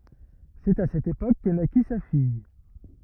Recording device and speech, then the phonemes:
rigid in-ear microphone, read sentence
sɛt a sɛt epok kə naki sa fij

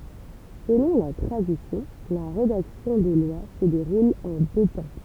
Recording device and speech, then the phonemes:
temple vibration pickup, read sentence
səlɔ̃ la tʁadisjɔ̃ la ʁedaksjɔ̃ de lwa sə deʁul ɑ̃ dø tɑ̃

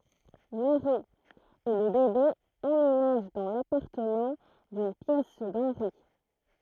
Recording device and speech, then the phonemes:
throat microphone, read sentence
mɛwʁi e lə bebe ɑ̃menaʒ dɑ̃ lapaʁtəmɑ̃ dyn pjɛs dɑ̃nʁi

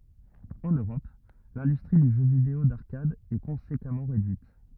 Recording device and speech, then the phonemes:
rigid in-ear microphone, read sentence
ɑ̃n øʁɔp lɛ̃dystʁi dy ʒø video daʁkad ɛ kɔ̃sekamɑ̃ ʁedyit

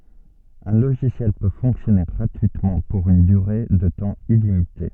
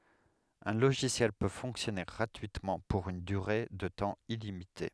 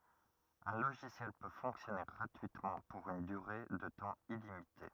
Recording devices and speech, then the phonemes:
soft in-ear microphone, headset microphone, rigid in-ear microphone, read sentence
œ̃ loʒisjɛl pø fɔ̃ksjɔne ɡʁatyitmɑ̃ puʁ yn dyʁe də tɑ̃ ilimite

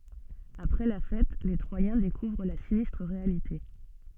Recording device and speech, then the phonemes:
soft in-ear microphone, read sentence
apʁɛ la fɛt le tʁwajɛ̃ dekuvʁ la sinistʁ ʁealite

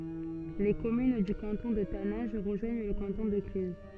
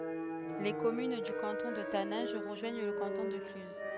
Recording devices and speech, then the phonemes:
soft in-ear microphone, headset microphone, read sentence
le kɔmyn dy kɑ̃tɔ̃ də tanɛ̃ʒ ʁəʒwaɲ lə kɑ̃tɔ̃ də klyz

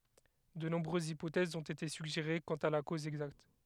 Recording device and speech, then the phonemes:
headset microphone, read sentence
də nɔ̃bʁøzz ipotɛzz ɔ̃t ete syɡʒeʁe kɑ̃t a la koz ɛɡzakt

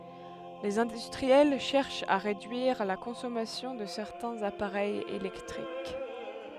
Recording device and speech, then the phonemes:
headset microphone, read sentence
lez ɛ̃dystʁiɛl ʃɛʁʃt a ʁedyiʁ la kɔ̃sɔmasjɔ̃ də sɛʁtɛ̃z apaʁɛjz elɛktʁik

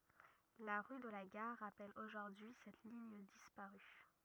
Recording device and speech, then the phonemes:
rigid in-ear microphone, read sentence
la ʁy də la ɡaʁ ʁapɛl oʒuʁdyi sɛt liɲ dispaʁy

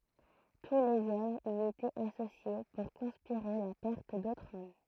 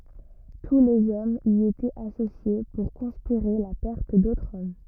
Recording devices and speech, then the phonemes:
throat microphone, rigid in-ear microphone, read sentence
tu lez ɔmz i etɛt asosje puʁ kɔ̃spiʁe la pɛʁt dotʁz ɔm

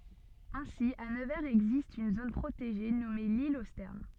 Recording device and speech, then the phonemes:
soft in-ear microphone, read sentence
ɛ̃si a nəvɛʁz ɛɡzist yn zon pʁoteʒe nɔme lil o stɛʁn

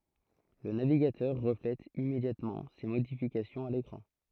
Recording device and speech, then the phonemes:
throat microphone, read sentence
lə naviɡatœʁ ʁəflɛt immedjatmɑ̃ se modifikasjɔ̃z a lekʁɑ̃

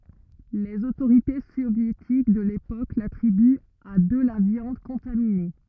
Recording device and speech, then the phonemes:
rigid in-ear microphone, read sentence
lez otoʁite sovjetik də lepok latʁibyt a də la vjɑ̃d kɔ̃tamine

